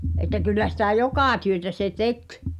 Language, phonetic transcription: Finnish, et̆tä kyllä sitä̀ "jokà 'työtä se "tek .
- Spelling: että kyllä sitä joka työtä se teki

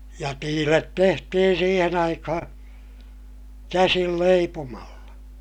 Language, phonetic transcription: Finnish, ja tiilet tehtihin siihen ‿aikahaa̰ , käsil leipomalla .
- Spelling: ja tiilet tehtiin siihen aikaan käsin leipomalla

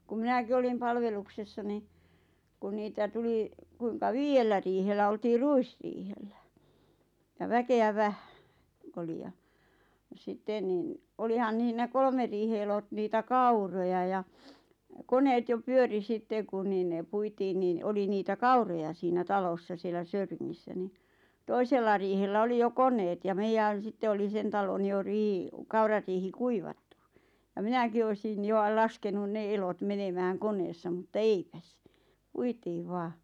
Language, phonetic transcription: Finnish, ku 'minäki olim 'palveluksessa ni , kun niitä 'tuli , kuiŋka "viijellä riihellä oltii "ruisriihellä , ja 'väke₍ä "vähᴀ̈ , k- ‿oli ja , ja sitten ⁿⁱⁿ , 'olihan niih (ne) "kolmer riihe elot 'niitä "kauroja ja , 'koneet jo 'pyöri 'sitte ku niin ne 'puitiin niin , 'oli niitä "kauroja siinä 'talossa sielä "Söyriŋŋissä ni , 'toisella riihellä 'oli 'jo "kon̆neet ja 'meijän̬ 'sitte oli "sen talon jo rii- , 'kaurariihi "kuivattu , ja 'minäki oisin 'jo a- 'laskenun "ne elot 'menemääŋ 'koneessa mutta "eipäs , "puitiiv 'vaa .
- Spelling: kun minäkin olin palveluksessa niin kun niitä tuli kuinka viidellä riihellä oltiin ruisriihellä ja väkeä vähän - oli ja ja sitten niin olihan niin ne kolmen riihen elot niitä kauroja ja koneet jo pyöri sitten kun niin ne puitiin niin oli niitä kauroja siinä talossa siellä Söyringissä niin toisella riihellä oli jo koneet ja meidän sitten oli sen talon jo - kaurariihi kuivattu ja minäkin olisin jo - laskenut ne elot menemään koneessa mutta eipäs puitiin vain

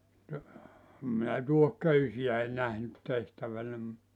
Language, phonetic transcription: Finnish, (e)t , om minä 'tuoh'köysi₍äi 'nähnyt 'tehtävä(nä mut) ,.
- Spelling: että olen minä tuohiköysiä nähnyt tehtävänä mutta

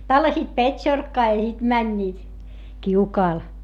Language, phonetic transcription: Finnish, tallasiit pet́šorkkaa ja sit mäńńiit , kiukaal .
- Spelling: tallasivat petsorkkaa ja sitten menivät kiukaalle

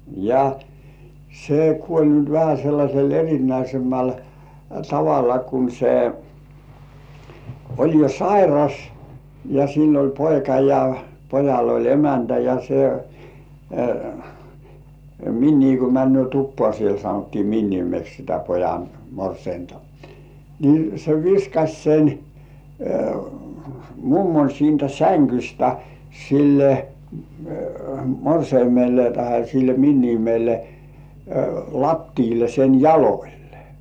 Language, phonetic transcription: Finnish, ja , 'se "kuoĺ nyt vähä 'sellaśel er̜inäisemmäl , "tavalla kun se , oĺ jo "sairas , ja 'sill ‿oĺ "poika ja , 'pojall ‿oĺ "emäntä ja se , 'minnii ku 'männy̆ö̀ "tuppŏà siel sanottii 'minniimeks sitä 'pojan , "morseinta , ni se viskaś sen , "mummoń siintä 'säŋkystä , 'sille , 'morseimelle tahe sil "minniimelle , "lattiile 'sen "jaloĺlᴇ .
- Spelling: ja se kuoli nyt vähän sellaisella erinäisemmällä tavalla kun se oli jo sairas ja sillä oli poika ja pojalla oli emäntä ja se miniä kun menee tupaan siellä sanottiin minimeksi sitä pojan morsianta niin se viskasi sen mummon siitä sängystä sille morsiamelle tai sille miniälle lattialle sen jaloille

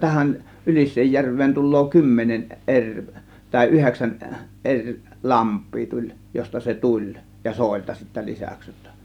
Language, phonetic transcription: Finnish, 'tähän , 'Ylis̆seejjärv̆veen tul̆loo 'kymmenen "eŕ , tàė 'yheksän , 'ˀeŕ , "lamp̆pii 'tuĺ , 'josta se "tuĺ , ja 'sòėlta sittä 'lisäks jotta .
- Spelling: tähän Ylisenjärveen tulee kymmenen eri tai yhdeksän eri lampea tuli josta se tuli ja soilta sitten lisäksi jotta

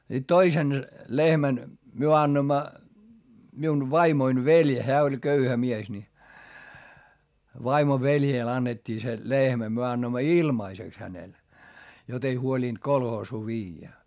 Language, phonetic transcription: Finnish, sit toisen , lehmän , myö annoⁱmma , miun vaimoin veĺ , heä oĺ köyhä mies ni , vaimo veljèl annet́t́ii se , lehmä - myö annoimma ilmaiseks hänel , jot ‿ei huolinD kolhoosuu viijjä .
- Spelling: sitten toisen lehmän me annoimme minun vaimoni veli hän oli köyhä mies niin vaimon veljelle annettiin se lehmä me annoimme ilmaiseksi hänelle jotta ei huolinut kolhoosiin viedä

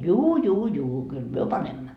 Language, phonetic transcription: Finnish, » 'juu 'juu 'juu , kyl "myö 'panemma . »
- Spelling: juu juu juu kyllä me panemme

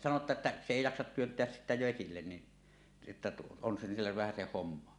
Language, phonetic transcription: Finnish, sano että » "s ‿èi 'jaksat 'työnt̀eäs sittä 'vesillen ni , että 'on sillev vähäseh 'hommo « .
- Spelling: sanoi että se ei jaksa työntää sitä vesille niin että on sille vähäsen hommaa

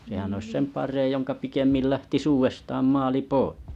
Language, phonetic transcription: Finnish, sehän ois 'sem 'pareej joŋka 'pikemmil 'lähtis 'uuvestam 'maali 'poɪ .
- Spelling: sehän olisi sen parempi jonka pikemmin lähtisi uudestaan maali pois

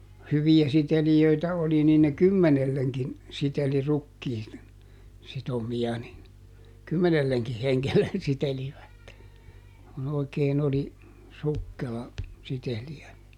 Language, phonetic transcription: Finnish, (noo.) "hyvi₍ä ˈsitelijöitä oli niin ne "kymmenelleŋkin , ˈsiteli ˈrukkii , ˈsitomi₍a nin , ˈkymmenelleŋki ˈheŋkellen sitelivät , kun ‿oikeen ‿oli , ˈsukkela , ˈsiteli₍ä .
- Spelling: no hyviä sitelijöitä oli niin ne kymmenellekin siteli rukiin sitomia niin kymmenellekin hengelle sitelivät kun oikein oli sukkela sitelijä

